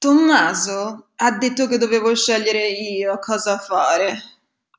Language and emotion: Italian, angry